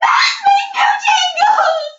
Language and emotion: English, sad